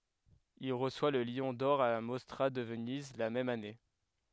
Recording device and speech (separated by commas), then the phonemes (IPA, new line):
headset microphone, read sentence
il ʁəswa lə ljɔ̃ dɔʁ a la mɔstʁa də vəniz la mɛm ane